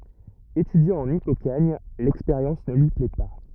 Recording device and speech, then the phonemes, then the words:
rigid in-ear microphone, read sentence
etydjɑ̃ ɑ̃n ipokaɲ lɛkspeʁjɑ̃s nə lyi plɛ pa
Étudiant en hypokhâgne, l'expérience ne lui plaît pas.

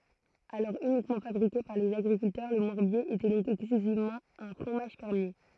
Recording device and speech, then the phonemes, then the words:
throat microphone, read sentence
alɔʁ ynikmɑ̃ fabʁike paʁ lez aɡʁikyltœʁ lə mɔʁbje etɛ dɔ̃k ɛksklyzivmɑ̃ œ̃ fʁomaʒ fɛʁmje
Alors uniquement fabriqué par les agriculteurs, le morbier était donc exclusivement un fromage fermier.

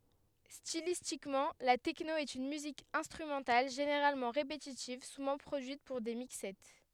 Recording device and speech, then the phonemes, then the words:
headset microphone, read sentence
stilistikmɑ̃ la tɛkno ɛt yn myzik ɛ̃stʁymɑ̃tal ʒeneʁalmɑ̃ ʁepetitiv suvɑ̃ pʁodyit puʁ de mikssɛ
Stylistiquement, la techno est une musique instrumentale généralement répétitive, souvent produite pour des mixsets.

